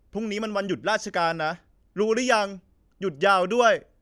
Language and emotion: Thai, frustrated